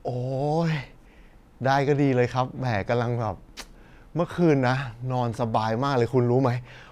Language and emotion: Thai, happy